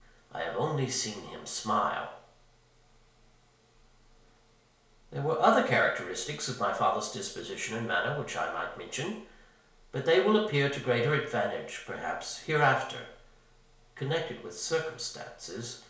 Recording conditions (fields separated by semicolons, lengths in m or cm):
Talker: one person; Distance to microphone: 1.0 m; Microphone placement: close; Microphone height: 1.1 m; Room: small (3.7 m by 2.7 m); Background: none